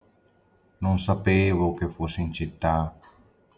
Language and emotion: Italian, sad